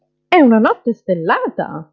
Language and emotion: Italian, surprised